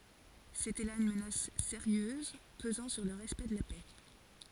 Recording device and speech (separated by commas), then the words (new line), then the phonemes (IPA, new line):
forehead accelerometer, read sentence
C'était là une menace sérieuse pesant sur le respect de la paix.
setɛ la yn mənas seʁjøz pəzɑ̃ syʁ lə ʁɛspɛkt də la pɛ